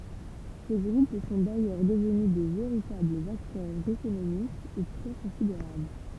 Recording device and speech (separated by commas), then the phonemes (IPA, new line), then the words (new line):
temple vibration pickup, read sentence
se ɡʁup sɔ̃ dajœʁ dəvny də veʁitablz aktœʁz ekonomikz o pwa kɔ̃sideʁabl
Ces groupes sont d'ailleurs devenus de véritables acteurs économiques au poids considérable.